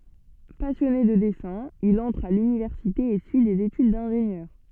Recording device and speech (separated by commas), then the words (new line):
soft in-ear microphone, read sentence
Passionné de dessin, il entre à l’université et suit des études d’ingénieur.